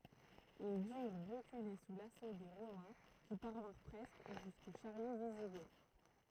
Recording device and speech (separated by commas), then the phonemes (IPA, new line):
throat microphone, read sentence
il dyʁ ʁəkyle su laso de ʁomɛ̃ ki paʁvɛ̃ʁ pʁɛskə ʒysko ʃaʁjo viziɡɔt